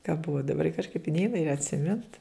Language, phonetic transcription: Lithuanian, ka ˈbuvo daˈbar kažˈkaip i ˈneina ir atsiˈmint

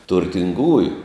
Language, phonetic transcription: Lithuanian, turtinˈgųju

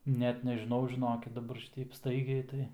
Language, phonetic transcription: Lithuanian, ˈnet nežiˈnau žiˈnokit daˈbar ˈšiteip ˈstaigiai tai

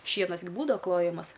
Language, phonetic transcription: Lithuanian, ˈšienas gi ˈbūdava ˈklojamas

